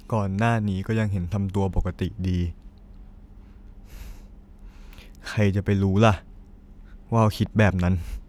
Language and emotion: Thai, sad